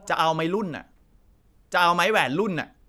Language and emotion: Thai, angry